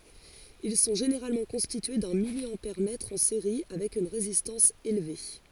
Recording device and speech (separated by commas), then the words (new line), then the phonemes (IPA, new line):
forehead accelerometer, read sentence
Ils sont généralement constitués d'un milliampèremètre en série avec une résistance élevée.
il sɔ̃ ʒeneʁalmɑ̃ kɔ̃stitye dœ̃ miljɑ̃pɛʁmɛtʁ ɑ̃ seʁi avɛk yn ʁezistɑ̃s elve